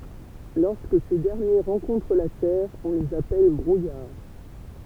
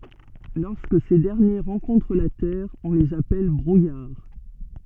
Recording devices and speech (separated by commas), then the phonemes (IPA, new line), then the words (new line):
temple vibration pickup, soft in-ear microphone, read sentence
lɔʁskə se dɛʁnje ʁɑ̃kɔ̃tʁ la tɛʁ ɔ̃ lez apɛl bʁujaʁ
Lorsque ces derniers rencontrent la terre, on les appelle brouillard.